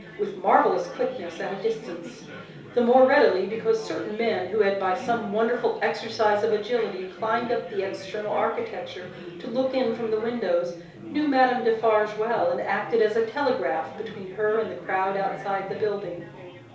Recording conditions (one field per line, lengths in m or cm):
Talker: one person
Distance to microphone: 3.0 m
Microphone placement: far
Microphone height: 1.8 m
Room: small (3.7 m by 2.7 m)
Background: babble